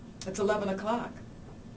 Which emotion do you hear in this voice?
neutral